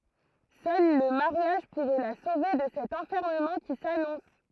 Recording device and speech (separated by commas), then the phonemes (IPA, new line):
throat microphone, read sentence
sœl lə maʁjaʒ puʁɛ la sove də sɛt ɑ̃fɛʁməmɑ̃ ki sanɔ̃s